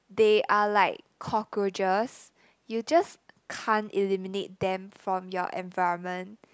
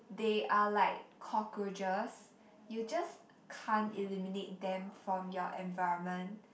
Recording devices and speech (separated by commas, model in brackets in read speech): close-talking microphone, boundary microphone, conversation in the same room